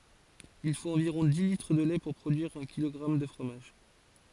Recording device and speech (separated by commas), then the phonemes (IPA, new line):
forehead accelerometer, read sentence
il fot ɑ̃viʁɔ̃ di litʁ də lɛ puʁ pʁodyiʁ œ̃ kilɔɡʁam də fʁomaʒ